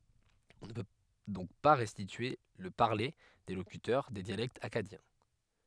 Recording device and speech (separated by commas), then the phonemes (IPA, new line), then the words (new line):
headset microphone, read sentence
ɔ̃ nə pø dɔ̃k pa ʁɛstitye lə paʁle de lokytœʁ de djalɛktz akkadjɛ̃
On ne peut donc pas restituer le parler des locuteurs des dialectes akkadiens.